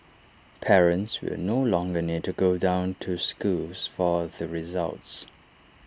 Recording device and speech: standing microphone (AKG C214), read sentence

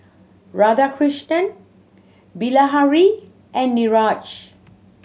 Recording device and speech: mobile phone (Samsung C7100), read sentence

